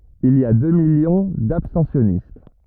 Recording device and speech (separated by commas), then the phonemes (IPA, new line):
rigid in-ear microphone, read sentence
il i a dø miljɔ̃ dabstɑ̃sjɔnist